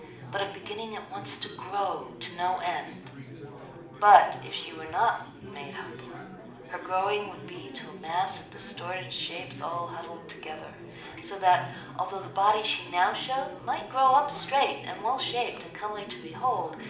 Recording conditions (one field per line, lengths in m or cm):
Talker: one person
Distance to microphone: 2.0 m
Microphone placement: close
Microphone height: 99 cm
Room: medium-sized (5.7 m by 4.0 m)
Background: babble